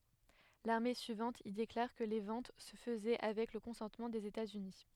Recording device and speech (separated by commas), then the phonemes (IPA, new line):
headset microphone, read sentence
lane syivɑ̃t il deklaʁ kə le vɑ̃t sə fəzɛ avɛk lə kɔ̃sɑ̃tmɑ̃ dez etatsyni